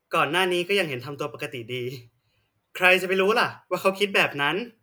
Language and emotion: Thai, happy